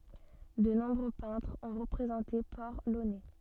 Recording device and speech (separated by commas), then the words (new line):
soft in-ear microphone, read sentence
De nombreux peintres ont représenté Port-Launay.